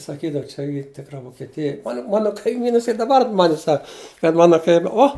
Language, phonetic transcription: Lithuanian, saˈkydavu čia ˈy ˈtikra vokeˈtija ma ˈmano kaiˈmynas ir daˈbar an ˈmanis ˈsak kad ˈmano ˈo

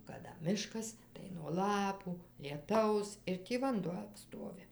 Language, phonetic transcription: Lithuanian, kaˈda ˈmiškas tai nuo ˈlapų lieˈtaus ir ˈtį vanˈduo ˈstovi

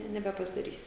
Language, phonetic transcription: Lithuanian, i nebepasdaˈrysi

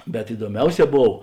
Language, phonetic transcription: Lithuanian, bet iduoˈmiauˌsē ˈbov

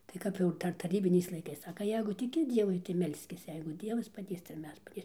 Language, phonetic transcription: Lithuanian, tai ˈkap jau ˈdar taˈrybiniais laiˈkais ˈsaka ˈjeigu tiˈki ˈdievui tai ˈmelskis jei ˈdievas paˈdės tai ir ˈmes paˈdėsim

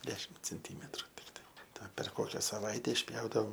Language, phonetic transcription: Lithuanian, ˈdešim cenˈtymetru ˈtiktai ˈta per ˈkokia saˈvaite išˈpjaudavom

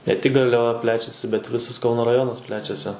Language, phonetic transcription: Lithuanian, ne tik garliaˈva ˈplečiasi bet ˈvisas ˈkauno raˈjonas ˈplečiasi

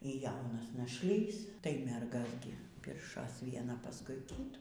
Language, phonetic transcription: Lithuanian, y ˈjaunas našˈlys tai ˈmergas ˈgi ˈpiršos vieˈna ˈpaskui ˈkytų

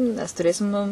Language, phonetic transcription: Lithuanian, nes tuˈrėsim nu

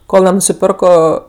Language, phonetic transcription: Lithuanian, ˈkol nenusiˈperko

